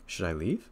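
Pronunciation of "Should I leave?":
In 'Should I leave?', the voice rises on 'leave'.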